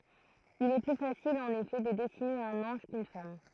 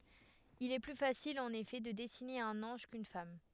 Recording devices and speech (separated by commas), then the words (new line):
throat microphone, headset microphone, read sentence
Il est plus facile en effet de dessiner un ange quʼune femme.